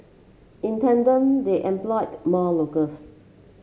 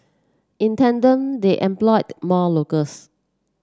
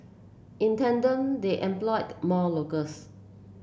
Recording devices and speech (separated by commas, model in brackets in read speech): mobile phone (Samsung C7), standing microphone (AKG C214), boundary microphone (BM630), read sentence